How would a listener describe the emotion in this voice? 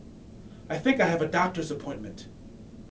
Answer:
neutral